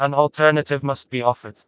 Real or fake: fake